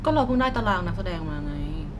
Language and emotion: Thai, neutral